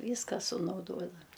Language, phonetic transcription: Lithuanian, ˈvyska sunauˈdodam

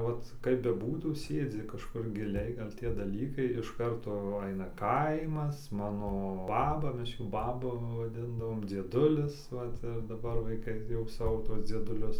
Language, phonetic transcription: Lithuanian, ˈvat kaip beˈbūtų ˈsėdzi kažˈkur giˈliai ˈgal' ˈtie daˈlykai iš ˈkarto ˈaina ˈkaimas ˈmano ˈbaba ˈmes ˈjų ˈbabu vaˈdindavom dzieˈdulis ˈvat ir daˈbar vaiˈkai jau ˈsavo ˈtuos dzieduˈlius

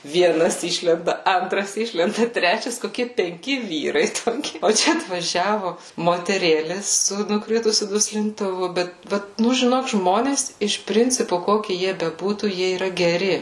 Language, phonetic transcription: Lithuanian, vieˈnas ˈišlenda ˈantras ˈišlenda ˈtrečias koˈkie penˈki ˈvyrai toˈki o ˈčia atvaˈžiavu moteˈrėlės su nuˈkritusiu duslintuˈvu ˈbet ˈbet ˈnu žiˈnok ˈžmonės ˈiš ˈprincipu ˈkoki ˈjie beˈbūtų ˈjie yˈra geˈri

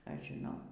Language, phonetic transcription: Lithuanian, ˈaš žiˈnau

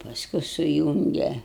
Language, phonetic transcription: Lithuanian, paˈsku suˈjūnge

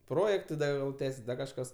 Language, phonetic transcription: Lithuanian, ˈprojektai ˈda jau ˈtęsis ˈdar kažˈkas

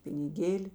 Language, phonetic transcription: Lithuanian, piniˈgėli

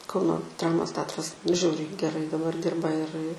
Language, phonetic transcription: Lithuanian, ˈkauno ˈdramos ˈteatras ˈžiauriai geˈrai daˈbar ˈdirba ir i

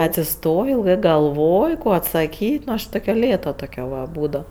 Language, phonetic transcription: Lithuanian, atsiˈstojo ilˈgɜ galˈvoj ˈko atsaˈkyt' ˈnu aš ˈtokia ˈlėta ˈtokia va ˈbūdau

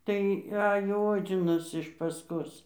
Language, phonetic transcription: Lithuanian, tai ˈajo ˈodzinas iš pasˈkos

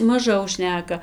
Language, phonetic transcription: Lithuanian, maˈžau ˈšneka

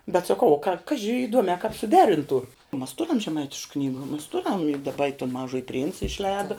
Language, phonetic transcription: Lithuanian, bet saˈkau ˈkaži įˈduomē kāp suˈderintų mas ˈturiam žeˈmaitišk ˈknygu mas ˈturiam i daˈba ton ˈmažuoji princ išˈlēda

